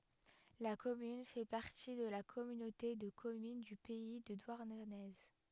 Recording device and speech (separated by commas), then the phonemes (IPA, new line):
headset microphone, read sentence
la kɔmyn fɛ paʁti də la kɔmynote də kɔmyn dy pɛi də dwaʁnəne